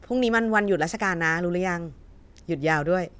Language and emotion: Thai, neutral